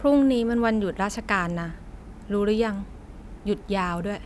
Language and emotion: Thai, neutral